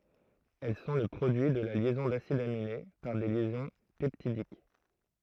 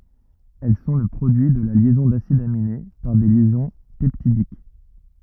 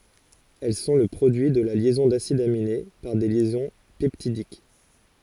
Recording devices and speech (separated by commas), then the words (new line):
throat microphone, rigid in-ear microphone, forehead accelerometer, read sentence
Elles sont le produit de la liaison d'acides aminés par des liaisons peptidiques.